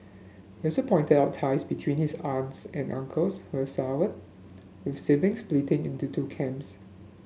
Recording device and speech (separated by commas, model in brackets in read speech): mobile phone (Samsung S8), read sentence